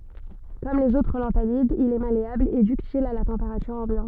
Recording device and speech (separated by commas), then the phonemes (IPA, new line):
soft in-ear microphone, read sentence
kɔm lez otʁ lɑ̃tanidz il ɛ maleabl e dyktil a la tɑ̃peʁatyʁ ɑ̃bjɑ̃t